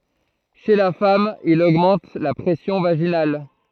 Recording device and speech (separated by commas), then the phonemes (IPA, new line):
throat microphone, read sentence
ʃe la fam il oɡmɑ̃t la pʁɛsjɔ̃ vaʒinal